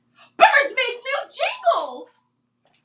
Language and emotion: English, surprised